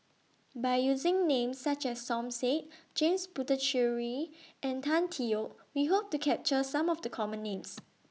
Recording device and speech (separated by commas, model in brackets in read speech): mobile phone (iPhone 6), read sentence